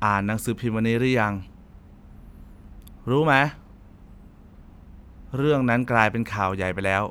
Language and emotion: Thai, frustrated